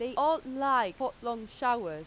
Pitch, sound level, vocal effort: 250 Hz, 93 dB SPL, very loud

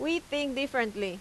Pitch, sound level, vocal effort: 275 Hz, 87 dB SPL, very loud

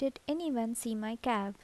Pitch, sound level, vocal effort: 235 Hz, 77 dB SPL, soft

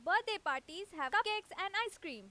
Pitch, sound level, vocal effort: 385 Hz, 98 dB SPL, very loud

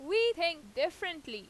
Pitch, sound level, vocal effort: 335 Hz, 96 dB SPL, very loud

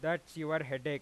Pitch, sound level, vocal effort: 155 Hz, 96 dB SPL, loud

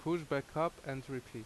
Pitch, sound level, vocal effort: 140 Hz, 83 dB SPL, loud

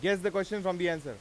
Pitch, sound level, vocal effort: 195 Hz, 97 dB SPL, loud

